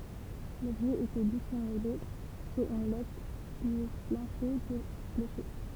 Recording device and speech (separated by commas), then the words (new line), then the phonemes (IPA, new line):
temple vibration pickup, read sentence
L’objet était dissimulé sous une latte du plancher du clocher.
lɔbʒɛ etɛ disimyle suz yn lat dy plɑ̃ʃe dy kloʃe